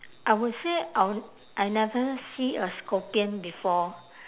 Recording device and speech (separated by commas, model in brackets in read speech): telephone, conversation in separate rooms